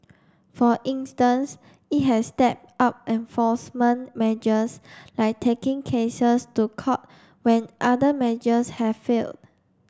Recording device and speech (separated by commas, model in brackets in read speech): standing microphone (AKG C214), read sentence